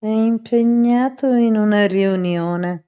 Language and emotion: Italian, disgusted